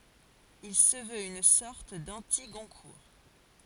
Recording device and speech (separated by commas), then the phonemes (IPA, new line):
forehead accelerometer, read sentence
il sə vøt yn sɔʁt dɑ̃tiɡɔ̃kuʁ